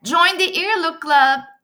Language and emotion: English, happy